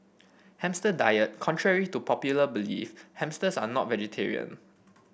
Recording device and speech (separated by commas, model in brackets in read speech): boundary microphone (BM630), read sentence